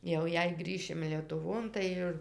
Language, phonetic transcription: Lithuanian, jau ˈjei ˈgrįšim lietuˈvon tai ˈir

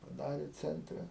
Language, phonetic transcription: Lithuanian, paˈdarė ˈcentre

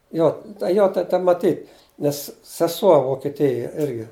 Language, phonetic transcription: Lithuanian, ˈjo ta ˈjo ta ta maˈtyt nes seˈsuo vokeˈtija ˈirgi

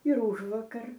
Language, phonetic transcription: Lithuanian, ir ˈužvuokar

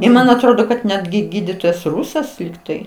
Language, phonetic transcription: Lithuanian, i ˈman atˈrodo kad ˈnetgi ˈgydytojas ˈrusas ligˈtai

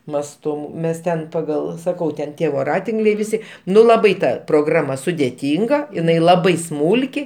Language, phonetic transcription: Lithuanian, masˈtu ˈmes ˈten paˈgal saˈkau ten ˈtie voˈratinkliai viˈsi ˈnu laˈbai ˈta proˈgrama sudeˈtynga iˈnai laˈbai ˈsmūlki

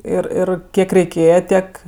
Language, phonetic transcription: Lithuanian, ˈir ˈir ˈkiek reiˈkėje ˈtiek

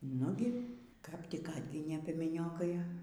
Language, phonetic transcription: Lithuanian, ˈnugi kap ˈtik ˈatginė piemeˈniokai

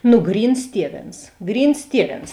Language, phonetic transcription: Lithuanian, nu ˈgryns ˈtieˌvėns ˈgryns ˈtieˌvėns

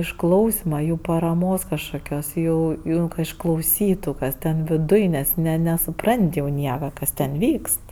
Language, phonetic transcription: Lithuanian, išˈklausima ˈjų paraˈmos kažkoˈkios ˈjų ˈjų ka išklauˈsytu ˈkas ten viˈduj ˈnes ne nesuˈprant' jau ˈnieka ˈkas ten ˈvykst

